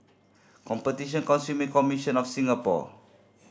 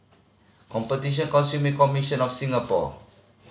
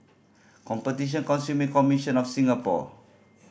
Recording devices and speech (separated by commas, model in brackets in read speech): standing microphone (AKG C214), mobile phone (Samsung C5010), boundary microphone (BM630), read sentence